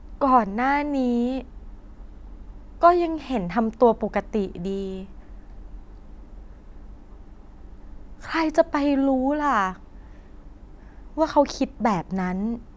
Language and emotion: Thai, frustrated